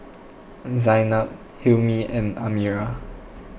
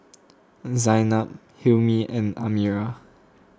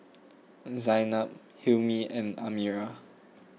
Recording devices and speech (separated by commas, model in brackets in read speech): boundary microphone (BM630), close-talking microphone (WH20), mobile phone (iPhone 6), read sentence